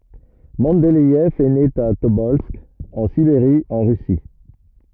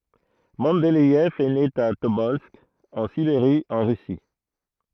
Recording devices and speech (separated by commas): rigid in-ear microphone, throat microphone, read sentence